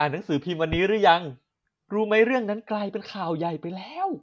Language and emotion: Thai, happy